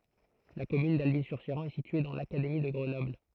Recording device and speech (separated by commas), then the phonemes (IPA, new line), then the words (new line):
throat microphone, read sentence
la kɔmyn dalbi syʁ ʃeʁɑ̃ ɛ sitye dɑ̃ lakademi də ɡʁənɔbl
La commune d'Alby-sur-Chéran est située dans l'académie de Grenoble.